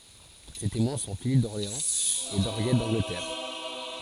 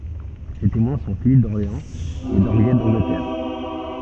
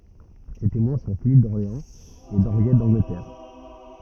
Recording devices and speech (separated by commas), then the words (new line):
forehead accelerometer, soft in-ear microphone, rigid in-ear microphone, read sentence
Ses témoins sont Philippe d'Orléans et d'Henriette d'Angleterre.